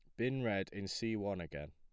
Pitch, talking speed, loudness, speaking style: 100 Hz, 235 wpm, -39 LUFS, plain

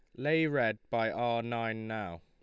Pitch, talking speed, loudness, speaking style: 115 Hz, 175 wpm, -32 LUFS, Lombard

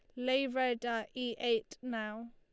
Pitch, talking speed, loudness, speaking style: 240 Hz, 170 wpm, -35 LUFS, Lombard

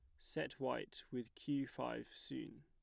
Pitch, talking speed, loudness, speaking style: 125 Hz, 150 wpm, -45 LUFS, plain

